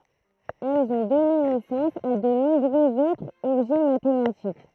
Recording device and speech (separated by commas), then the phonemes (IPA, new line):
throat microphone, read sentence
ɛlz ɔ̃ dɔne nɛsɑ̃s a də nɔ̃bʁøz otʁz ɔbʒɛ matematik